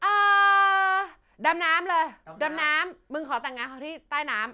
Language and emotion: Thai, happy